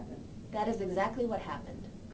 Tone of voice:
neutral